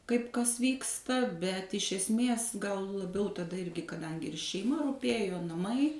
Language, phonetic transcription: Lithuanian, ˈkaip ˈkas ˈvyksta bet iš esˈmės gal laˈbiau taˈda ˈirgi kaˈdangi ir šeiˈma ruˈpėjo naˈmai

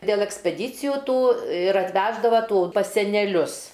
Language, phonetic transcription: Lithuanian, dėl ekspeˈdyciju ˈtų ir atˈveždava ˈtų pas seneˈlius

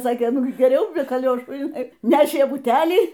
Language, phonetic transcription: Lithuanian, ˈsakė ˈnu ˈgi geˈriau be kaˈliošų iˈnai ˈnešė buˈtælį

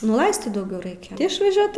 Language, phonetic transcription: Lithuanian, nu ˈlaistyt dauˈgiau ˈraikia išvaˈžiuot

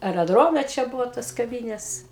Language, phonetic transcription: Lithuanian, areˈdrome čia ˈbuvo tos kaˈvynės

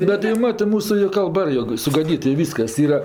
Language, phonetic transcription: Lithuanian, ˈbet jau ˈmatɜ ˈmūsu ir kalˈba ˈjog sugaˈdyt i ˈvyskas ˈyra

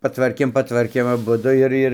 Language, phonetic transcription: Lithuanian, paˈtvarkėm paˈtvarkėm aˈbudu ir ˈir ˈir

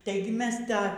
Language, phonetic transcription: Lithuanian, ˈtaigi ˈmes ˈtą

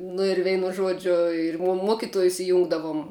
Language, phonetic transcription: Lithuanian, nu ir ˈveinu ˈžuodžiu ir muo ˈmuokituojus iˈjungdavum

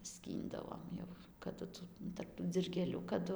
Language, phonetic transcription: Lithuanian, ˈskyndavom jau kaˈdu ˈtų tarp tų dzilgėˈlių kaˈdu

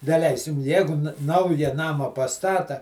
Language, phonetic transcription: Lithuanian, daˈleisim ˈjegu ˈnauja ˈnama paˈstata

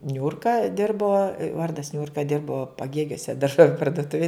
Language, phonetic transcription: Lithuanian, ˈniurka ˈdirbo ˈvardas ˈniurka ˈdirbo paˈgėgiuose darˈžoviu parduˈtuvij

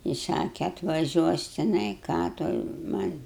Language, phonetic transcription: Lithuanian, i ˈsake atvaˈžiuos tiˈnai ˈką toj man'

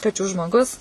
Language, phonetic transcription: Lithuanian, kaˈčių žmoˈgus

